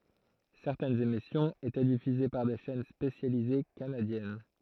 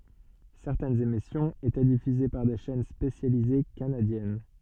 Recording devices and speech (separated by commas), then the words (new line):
throat microphone, soft in-ear microphone, read sentence
Certaines émissions étaient diffusées par des chaînes spécialisées canadiennes.